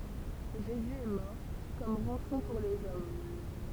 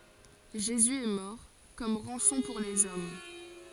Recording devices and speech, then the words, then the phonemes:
temple vibration pickup, forehead accelerometer, read sentence
Jésus est mort comme rançon pour les hommes.
ʒezy ɛ mɔʁ kɔm ʁɑ̃sɔ̃ puʁ lez ɔm

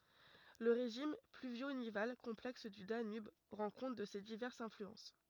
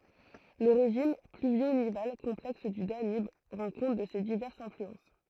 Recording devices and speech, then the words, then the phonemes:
rigid in-ear microphone, throat microphone, read sentence
Le régime pluvio-nival complexe du Danube rend compte de ces diverses influences.
lə ʁeʒim plyvjo nival kɔ̃plɛks dy danyb ʁɑ̃ kɔ̃t də se divɛʁsz ɛ̃flyɑ̃s

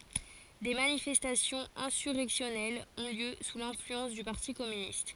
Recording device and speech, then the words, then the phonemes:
forehead accelerometer, read sentence
Des manifestations insurrectionnelles ont lieu sous l'influence du parti communiste.
de manifɛstasjɔ̃z ɛ̃syʁɛksjɔnɛlz ɔ̃ ljø su lɛ̃flyɑ̃s dy paʁti kɔmynist

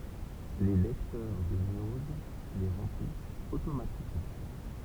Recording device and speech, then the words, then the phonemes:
temple vibration pickup, read sentence
Les lecteurs de news les remplissent automatiquement.
le lɛktœʁ də niuz le ʁɑ̃plist otomatikmɑ̃

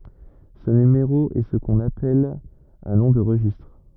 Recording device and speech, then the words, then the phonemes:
rigid in-ear microphone, read sentence
Ce numéro est ce qu'on appelle un nom de registre.
sə nymeʁo ɛ sə kɔ̃n apɛl œ̃ nɔ̃ də ʁəʒistʁ

